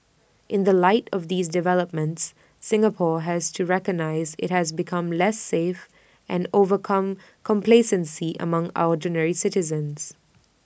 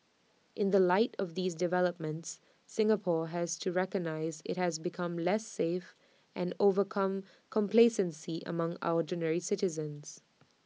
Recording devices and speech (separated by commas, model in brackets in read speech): boundary microphone (BM630), mobile phone (iPhone 6), read sentence